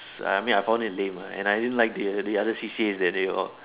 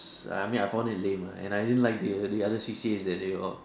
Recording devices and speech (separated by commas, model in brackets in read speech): telephone, standing microphone, conversation in separate rooms